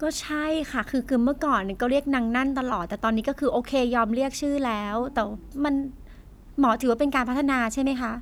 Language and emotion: Thai, frustrated